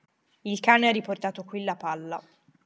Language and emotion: Italian, neutral